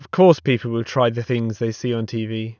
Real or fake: real